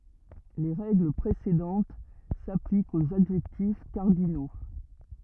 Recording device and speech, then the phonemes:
rigid in-ear microphone, read sentence
le ʁɛɡl pʁesedɑ̃t saplikt oz adʒɛktif kaʁdino

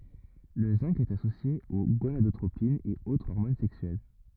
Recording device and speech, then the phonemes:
rigid in-ear microphone, read sentence
lə zɛ̃ɡ ɛt asosje o ɡonadotʁopinz e o ɔʁmon sɛksyɛl

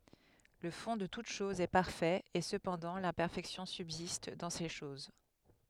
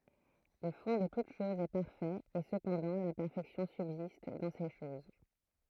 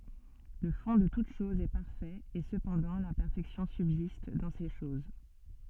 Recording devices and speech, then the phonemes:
headset microphone, throat microphone, soft in-ear microphone, read sentence
lə fɔ̃ də tut ʃɔz ɛ paʁfɛt e səpɑ̃dɑ̃ lɛ̃pɛʁfɛksjɔ̃ sybzist dɑ̃ se ʃoz

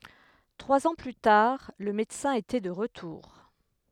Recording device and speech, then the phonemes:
headset microphone, read sentence
tʁwaz ɑ̃ ply taʁ lə medəsɛ̃ etɛ də ʁətuʁ

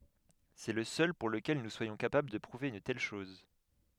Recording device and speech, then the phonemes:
headset microphone, read sentence
sɛ lə sœl puʁ ləkɛl nu swajɔ̃ kapabl də pʁuve yn tɛl ʃɔz

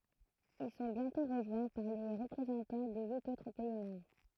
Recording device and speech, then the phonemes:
throat microphone, read sentence
il sɔ̃ bjɛ̃tɔ̃ ʁəʒwɛ̃ paʁ le ʁəpʁezɑ̃tɑ̃ də yit otʁ pɛi mɑ̃bʁ

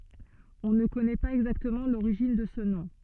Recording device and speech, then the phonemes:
soft in-ear microphone, read sentence
ɔ̃ nə kɔnɛ paz ɛɡzaktəmɑ̃ loʁiʒin də sə nɔ̃

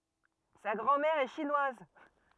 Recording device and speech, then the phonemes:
rigid in-ear microphone, read sentence
sa ɡʁɑ̃ mɛʁ ɛ ʃinwaz

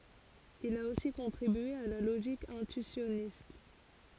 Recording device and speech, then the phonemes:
forehead accelerometer, read sentence
il a osi kɔ̃tʁibye a la loʒik ɛ̃tyisjɔnist

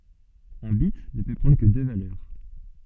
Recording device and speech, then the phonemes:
soft in-ear microphone, read sentence
œ̃ bit nə pø pʁɑ̃dʁ kə dø valœʁ

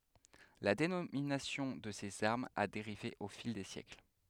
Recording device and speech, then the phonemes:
headset microphone, read sentence
la denominasjɔ̃ də sez aʁmz a deʁive o fil de sjɛkl

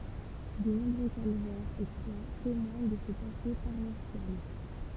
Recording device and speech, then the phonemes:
temple vibration pickup, read sentence
də nɔ̃bʁø kalvɛʁz e kʁwa temwaɲ də sə pase paʁwasjal

